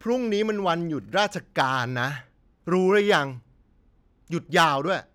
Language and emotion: Thai, frustrated